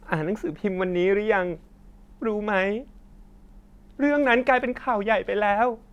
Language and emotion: Thai, sad